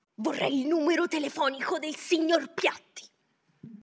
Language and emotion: Italian, angry